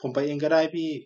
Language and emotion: Thai, frustrated